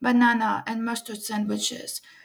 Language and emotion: English, sad